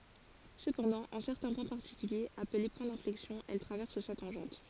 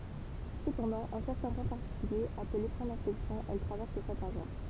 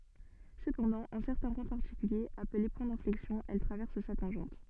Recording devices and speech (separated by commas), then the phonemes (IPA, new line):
forehead accelerometer, temple vibration pickup, soft in-ear microphone, read sentence
səpɑ̃dɑ̃ ɑ̃ sɛʁtɛ̃ pwɛ̃ paʁtikyljez aple pwɛ̃ dɛ̃flɛksjɔ̃ ɛl tʁavɛʁs sa tɑ̃ʒɑ̃t